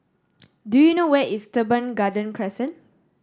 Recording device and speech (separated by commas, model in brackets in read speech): standing microphone (AKG C214), read sentence